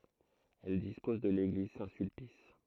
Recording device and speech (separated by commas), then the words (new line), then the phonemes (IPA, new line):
throat microphone, read sentence
Elle dispose de l'église Saint-Sulpice.
ɛl dispɔz də leɡliz sɛ̃tsylpis